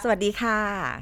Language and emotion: Thai, happy